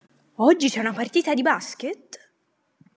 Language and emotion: Italian, surprised